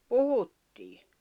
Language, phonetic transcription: Finnish, puhuttii .
- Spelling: puhuttiin

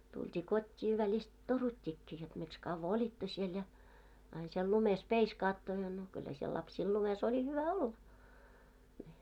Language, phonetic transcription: Finnish, tult́ii 'kot́t́ii välist , "torut́t́ikkii jot miks 'kavva "oĺitto siel ja , ain siel 'lumes "peiskaatto ja no , 'kyllä siel 'lapsiil lumes ‿oĺi 'hyvä "olla , ńi .
- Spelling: tultiin kotiin välistä toruttiinkin jotta miksi kauan olitte siellä ja aina siellä lumessa peiskaatte ja no kyllä siellä lapsilla lumessa oli hyvä olla niin

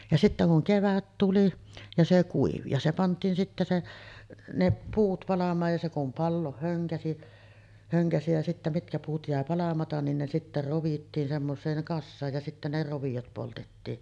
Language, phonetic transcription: Finnish, ja 'sittä kuŋ 'kevät tuli , ja se 'kuivi ja se 'pant̀iin sittä se , 'ne 'puut palam̀aaj ja se kum 'pallooh höŋkäsi , höŋkäsi jä sittä 'mitkä puut jä̀e 'palamatan nin ne sittä rovittiin semmos̀eeŋ 'kassaaj ja 'sittä ne 'rovijot poltettiin .
- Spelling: ja sitten kun kevät tuli ja se kuivui ja se pantiin sitten se ne puut palamaan ja se kun palaa hönkäisi hönkäisi ja sitten mitkä puut jäi palamatta niin ne sitten rovittiin semmoiseen kasaan ja sitten ne roviot poltettiin

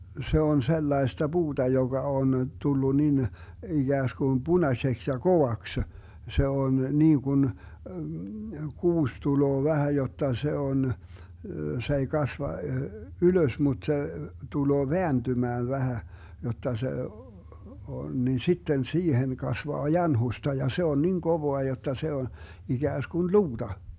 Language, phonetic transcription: Finnish, 'se 'on 'sellaesta "BuuDa 'joGa 'on , 'tullu nin , 'iGääskun "Bunaseks ja "kovaksə , 'se 'on 'niiGun , 'kuus 'tuloo 'vähä 'jotta 'se 'on , se ei 'kasva , "ylös mut 'se , 'tuloo "veäntymään 'vähä , jotta 'se , on , nin 'sitten "siihen 'kasvaa "janhusta ja 'se on 'nin "kovoa 'jotta se on , 'iGääskun "luuDa .
- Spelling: se on sellaista puuta joka on tullut niin ikään kuin punaiseksi ja kovaksi se on niin kuin kuusi tulee vähän jotta se on se ei kasva ylös mutta se tulee vääntymään vähän jotta se on niin sitten siihen kasvaa janhusta ja se on niin kovaa jotta se on ikään kuin luuta

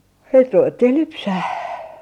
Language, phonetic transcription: Finnish, sit 'ruvettih "lypsäh .
- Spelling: sitten ruvettiin lypsämään

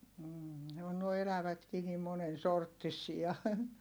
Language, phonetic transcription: Finnish, m̥ ne on nuoi elävätkii nim monen sorttisia .
- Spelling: - ne on nuo elävätkin niin monen sorttisia

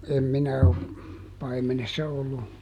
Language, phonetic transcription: Finnish, ˈem ˈminä o , ˈpaimenessa ollu .
- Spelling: en minä ole paimenessa ollut

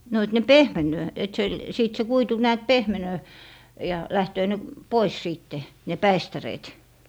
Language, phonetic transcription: Finnish, no et ne "pehmeǹöö , et se , sìt se 'kuitu näät "pehmenöö , ja 'lähtöö ne , "pois 'siitte , ne "päistäreet .
- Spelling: no että ne pehmenee että se sitten se kuitu näet pehmenee ja lähtee ne pois sitten ne päistäreet

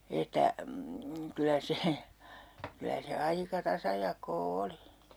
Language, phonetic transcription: Finnish, 'että , kylä 'se , 'kylä se "aika 'tasajak̆koo 'oli .
- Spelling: että kyllä se kyllä se aika tasajakoa oli

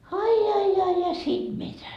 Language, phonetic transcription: Finnish, ai ai ai "siim 'mitä .
- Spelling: ai ai ai siinä mitä

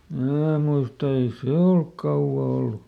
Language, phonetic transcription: Finnish, ˈmnää muista ei "se olk ˈkauvva ˈollu .
- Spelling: minä muistan ei se ole kauan ollut

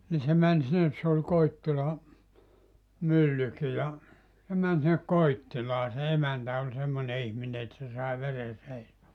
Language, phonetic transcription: Finnish, ni se 'män sinnes se ol 'Koittila , 'myllyki ja , se män sinne "Koittilaa se 'emäntä oĺ 'semmone 'ihmine et se sàe 'vere 'seisomaa .
- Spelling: niin se meni sinne se oli Koittila myllykin ja se meni sinne Koittilaan se emäntä oli semmoinen ihminen että se sai veren seisomaan

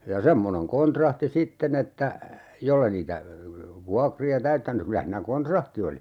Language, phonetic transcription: Finnish, ja "semmoneŋ 'kontrahti "sitten ‿että , 'jolle niitä , 'vuakri₍a "täyttäny 'ky(l)ä hiinä "kontrahti oli .
- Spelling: ja semmoinen kontrahti sitten että jos ei niitä vuokria täyttänyt kyllä siinä kontrahti oli

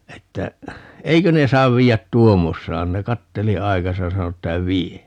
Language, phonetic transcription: Finnish, 'että , » "eikö ne 'saav 'viijät "tuommossaan » - ne 'katteli "aikasa ja 'sano että » "vie » .
- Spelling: että eikö ne saa viedä tuommoisenaan ne katseli aikansa ja sanoi että vie

